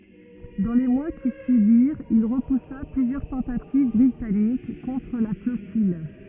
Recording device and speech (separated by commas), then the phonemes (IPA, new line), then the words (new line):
rigid in-ear microphone, read sentence
dɑ̃ le mwa ki syiviʁt il ʁəpusa plyzjœʁ tɑ̃tativ bʁitanik kɔ̃tʁ la flɔtij
Dans les mois qui suivirent, il repoussa plusieurs tentatives britanniques contre la flottille.